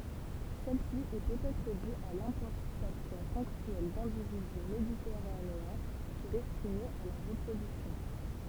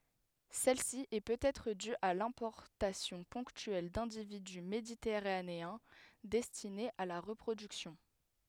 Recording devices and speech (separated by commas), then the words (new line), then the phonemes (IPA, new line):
temple vibration pickup, headset microphone, read sentence
Celle-ci est peut-être due à l'importation ponctuelle d'individus méditerranéens, destinés à la reproduction.
sɛlsi ɛ pøtɛtʁ dy a lɛ̃pɔʁtasjɔ̃ pɔ̃ktyɛl dɛ̃dividy meditɛʁaneɛ̃ dɛstinez a la ʁəpʁodyksjɔ̃